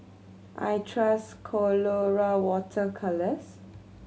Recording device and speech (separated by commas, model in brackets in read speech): mobile phone (Samsung C7100), read sentence